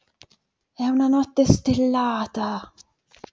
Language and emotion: Italian, surprised